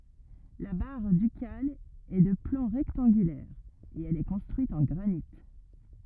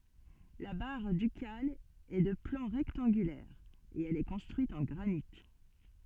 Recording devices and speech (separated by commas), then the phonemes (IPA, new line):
rigid in-ear microphone, soft in-ear microphone, read sentence
la baʁ dykal ɛ də plɑ̃ ʁɛktɑ̃ɡylɛʁ e ɛl ɛ kɔ̃stʁyit ɑ̃ ɡʁanit